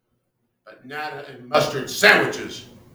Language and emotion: English, disgusted